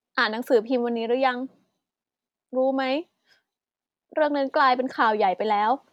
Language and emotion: Thai, sad